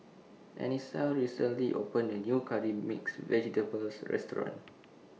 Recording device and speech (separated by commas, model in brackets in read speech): mobile phone (iPhone 6), read sentence